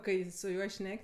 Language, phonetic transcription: Lithuanian, ˈkai su ˈjuo ˈšnek'

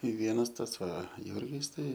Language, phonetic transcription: Lithuanian, i ˈvienas ˈtas ˈva ˈjurgis tai

